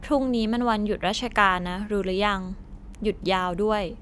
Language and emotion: Thai, neutral